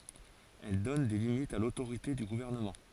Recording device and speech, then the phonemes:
forehead accelerometer, read sentence
ɛl dɔn de limitz a lotoʁite dy ɡuvɛʁnəmɑ̃

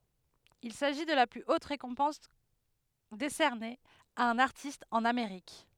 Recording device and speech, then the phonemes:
headset microphone, read sentence
il saʒi də la ply ot ʁekɔ̃pɑ̃s desɛʁne a œ̃n aʁtist ɑ̃n ameʁik

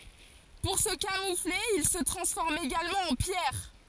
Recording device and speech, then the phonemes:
forehead accelerometer, read sentence
puʁ sə kamufle il sə tʁɑ̃sfɔʁmt eɡalmɑ̃ ɑ̃ pjɛʁ

